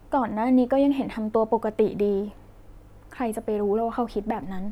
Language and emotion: Thai, sad